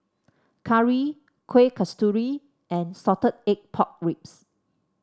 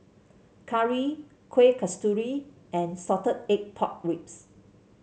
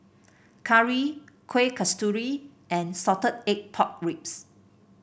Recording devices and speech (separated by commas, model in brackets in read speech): standing microphone (AKG C214), mobile phone (Samsung C7), boundary microphone (BM630), read sentence